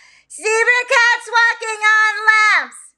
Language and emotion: English, happy